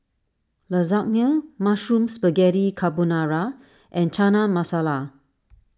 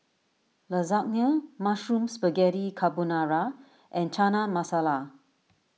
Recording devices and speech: standing microphone (AKG C214), mobile phone (iPhone 6), read sentence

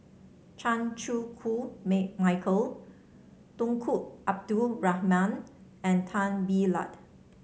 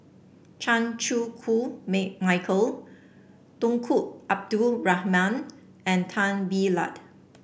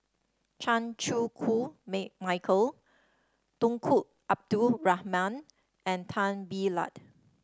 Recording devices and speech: mobile phone (Samsung C7), boundary microphone (BM630), standing microphone (AKG C214), read sentence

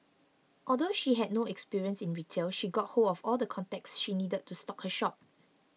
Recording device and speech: mobile phone (iPhone 6), read sentence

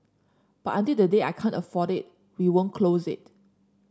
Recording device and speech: standing microphone (AKG C214), read sentence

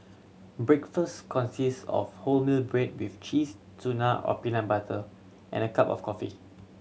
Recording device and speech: mobile phone (Samsung C7100), read sentence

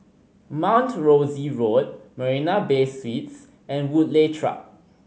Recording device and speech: mobile phone (Samsung C5010), read sentence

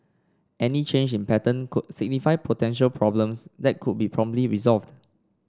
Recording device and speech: standing microphone (AKG C214), read sentence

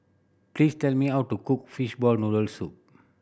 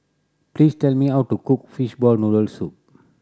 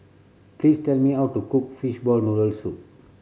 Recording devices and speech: boundary microphone (BM630), standing microphone (AKG C214), mobile phone (Samsung C7100), read sentence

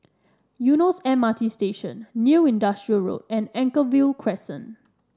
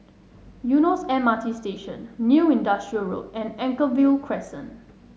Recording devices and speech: standing microphone (AKG C214), mobile phone (Samsung S8), read sentence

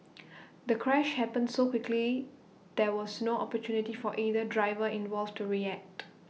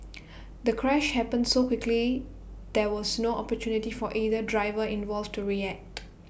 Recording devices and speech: mobile phone (iPhone 6), boundary microphone (BM630), read sentence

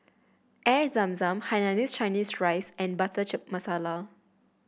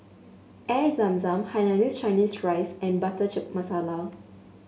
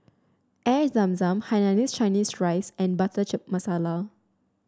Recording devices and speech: boundary microphone (BM630), mobile phone (Samsung S8), standing microphone (AKG C214), read sentence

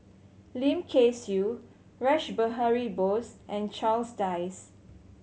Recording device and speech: mobile phone (Samsung C7100), read sentence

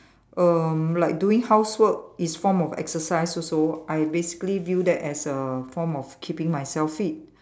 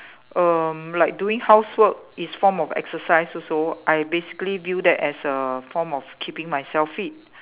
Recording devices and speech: standing microphone, telephone, conversation in separate rooms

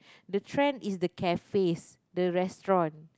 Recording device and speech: close-talking microphone, conversation in the same room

